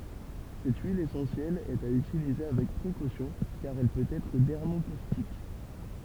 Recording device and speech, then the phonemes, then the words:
temple vibration pickup, read sentence
sɛt yil esɑ̃sjɛl ɛt a ytilize avɛk pʁekosjɔ̃ kaʁ ɛl pøt ɛtʁ dɛʁmokostik
Cette huile essentielle est à utiliser avec précautions car elle peut être dermocaustique.

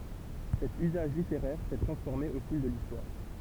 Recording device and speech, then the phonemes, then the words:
temple vibration pickup, read sentence
sɛt yzaʒ liteʁɛʁ sɛ tʁɑ̃sfɔʁme o fil də listwaʁ
Cet usage littéraire s'est transformé au fil de l'Histoire.

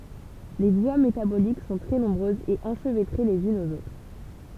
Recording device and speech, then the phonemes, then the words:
temple vibration pickup, read sentence
le vwa metabolik sɔ̃ tʁɛ nɔ̃bʁøzz e ɑ̃ʃvɛtʁe lez ynz oz otʁ
Les voies métaboliques sont très nombreuses et enchevêtrées les unes aux autres.

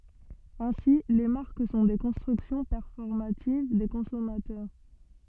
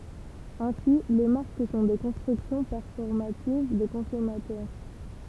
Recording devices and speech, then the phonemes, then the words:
soft in-ear microphone, temple vibration pickup, read sentence
ɛ̃si le maʁk sɔ̃ de kɔ̃stʁyksjɔ̃ pɛʁfɔʁmativ de kɔ̃sɔmatœʁ
Ainsi, les marques sont des constructions performatives des consommateurs.

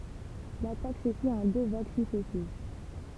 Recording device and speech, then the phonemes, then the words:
temple vibration pickup, read sentence
latak sə fit ɑ̃ dø vaɡ syksɛsiv
L'attaque se fit en deux vagues successives.

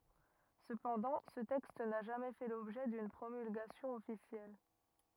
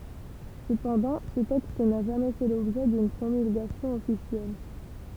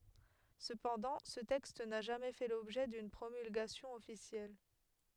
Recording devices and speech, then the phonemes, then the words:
rigid in-ear microphone, temple vibration pickup, headset microphone, read sentence
səpɑ̃dɑ̃ sə tɛkst na ʒamɛ fɛ lɔbʒɛ dyn pʁomylɡasjɔ̃ ɔfisjɛl
Cependant, ce texte n'a jamais fait l'objet d'une promulgation officielle.

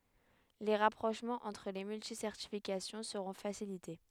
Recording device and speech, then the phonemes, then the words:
headset microphone, read sentence
le ʁapʁoʃmɑ̃z ɑ̃tʁ le myltisɛʁtifikasjɔ̃ səʁɔ̃ fasilite
Les rapprochements entre les multi-certifications seront facilités.

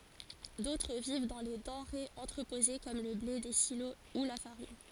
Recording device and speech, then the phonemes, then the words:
forehead accelerometer, read sentence
dotʁ viv dɑ̃ le dɑ̃ʁez ɑ̃tʁəpoze kɔm lə ble de silo u la faʁin
D'autres vivent dans les denrées entreposées comme le blé des silos ou la farine.

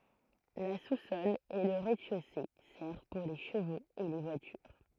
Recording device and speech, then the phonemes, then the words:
throat microphone, read sentence
la susɔl e lə ʁɛzdɛʃose sɛʁv puʁ le ʃəvoz e le vwatyʁ
La sous-sol et le rez-de-chaussée servent pour les chevaux et les voitures.

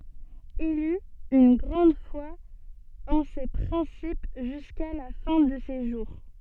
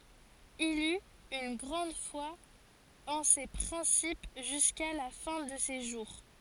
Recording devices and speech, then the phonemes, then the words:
soft in-ear microphone, forehead accelerometer, read sentence
il yt yn ɡʁɑ̃d fwa ɑ̃ se pʁɛ̃sip ʒyska la fɛ̃ də se ʒuʁ
Il eut une grande foi en ces principes jusqu'à la fin de ses jours.

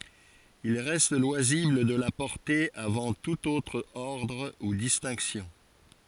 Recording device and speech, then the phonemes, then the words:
forehead accelerometer, read sentence
il ʁɛst lwazibl də la pɔʁte avɑ̃ tut otʁ ɔʁdʁ u distɛ̃ksjɔ̃
Il reste loisible de la porter avant tout autre ordre ou distinctions.

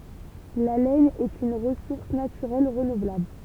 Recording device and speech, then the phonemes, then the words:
temple vibration pickup, read sentence
la lɛn ɛt yn ʁəsuʁs natyʁɛl ʁənuvlabl
La laine est une ressource naturelle renouvelable.

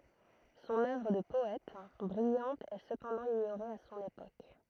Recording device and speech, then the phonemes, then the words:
throat microphone, read sentence
sɔ̃n œvʁ də pɔɛt bʁijɑ̃t ɛ səpɑ̃dɑ̃ iɲoʁe a sɔ̃n epok
Son œuvre de poète, brillante est cependant ignorée à son époque.

